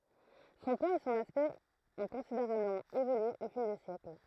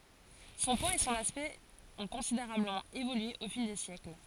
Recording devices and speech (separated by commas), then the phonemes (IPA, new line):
throat microphone, forehead accelerometer, read sentence
sɔ̃ pwaz e sɔ̃n aspɛkt ɔ̃ kɔ̃sideʁabləmɑ̃ evolye o fil de sjɛkl